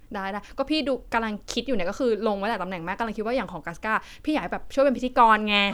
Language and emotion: Thai, happy